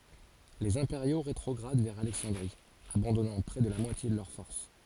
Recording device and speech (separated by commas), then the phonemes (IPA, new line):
forehead accelerometer, read sentence
lez ɛ̃peʁjo ʁetʁɔɡʁad vɛʁ alɛksɑ̃dʁi abɑ̃dɔnɑ̃ pʁɛ də la mwatje də lœʁ fɔʁs